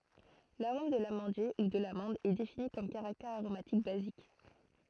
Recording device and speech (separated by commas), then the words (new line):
throat microphone, read sentence
L'arôme de l'amandier, ou de l'amande, est défini comme caractère aromatique basique.